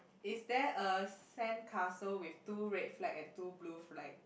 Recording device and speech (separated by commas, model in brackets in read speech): boundary microphone, conversation in the same room